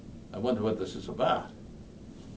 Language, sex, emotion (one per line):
English
male
neutral